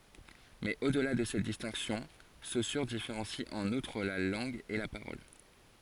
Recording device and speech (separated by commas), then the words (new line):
forehead accelerometer, read sentence
Mais au-delà de cette distinction, Saussure différencie en outre la langue et la parole.